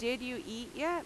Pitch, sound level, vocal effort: 250 Hz, 87 dB SPL, very loud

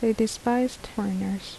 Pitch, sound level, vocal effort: 225 Hz, 73 dB SPL, soft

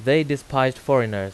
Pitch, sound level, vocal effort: 130 Hz, 91 dB SPL, loud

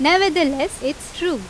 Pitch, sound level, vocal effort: 315 Hz, 89 dB SPL, very loud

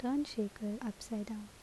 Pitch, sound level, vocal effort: 220 Hz, 73 dB SPL, soft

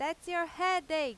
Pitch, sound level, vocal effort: 335 Hz, 98 dB SPL, very loud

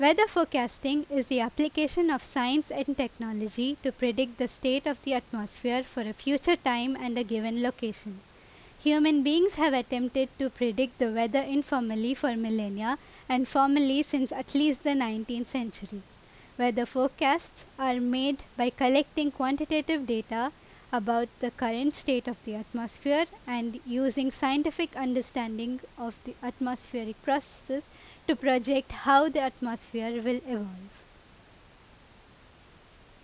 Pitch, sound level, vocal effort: 260 Hz, 86 dB SPL, very loud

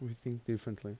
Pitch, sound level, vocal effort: 115 Hz, 78 dB SPL, soft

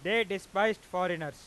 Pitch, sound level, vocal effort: 190 Hz, 102 dB SPL, very loud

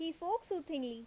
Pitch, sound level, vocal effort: 325 Hz, 85 dB SPL, loud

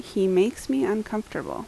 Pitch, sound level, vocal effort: 210 Hz, 78 dB SPL, normal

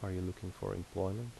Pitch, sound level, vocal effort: 95 Hz, 76 dB SPL, soft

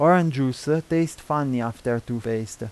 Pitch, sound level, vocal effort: 130 Hz, 86 dB SPL, normal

